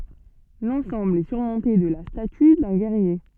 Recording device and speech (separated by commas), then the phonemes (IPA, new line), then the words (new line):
soft in-ear microphone, read sentence
lɑ̃sɑ̃bl ɛ syʁmɔ̃te də la staty dœ̃ ɡɛʁje
L'ensemble est surmonté de la statue d'un guerrier.